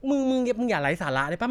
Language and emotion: Thai, frustrated